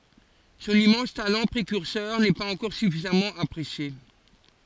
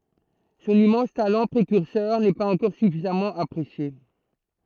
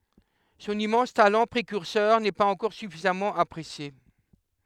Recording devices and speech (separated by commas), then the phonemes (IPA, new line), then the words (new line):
forehead accelerometer, throat microphone, headset microphone, read sentence
sɔ̃n immɑ̃s talɑ̃ pʁekyʁsœʁ nɛ paz ɑ̃kɔʁ syfizamɑ̃ apʁesje
Son immense talent précurseur n'est pas encore suffisamment apprécié.